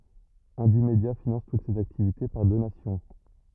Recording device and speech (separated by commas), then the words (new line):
rigid in-ear microphone, read sentence
Indymedia finance toutes ses activités par donations.